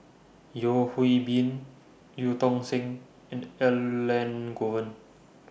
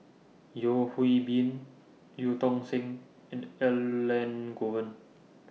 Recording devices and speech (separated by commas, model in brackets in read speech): boundary microphone (BM630), mobile phone (iPhone 6), read sentence